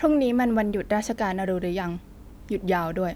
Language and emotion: Thai, frustrated